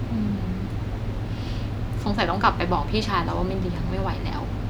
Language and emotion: Thai, frustrated